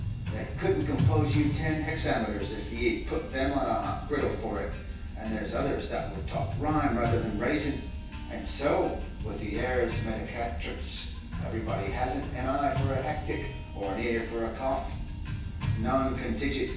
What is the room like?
A spacious room.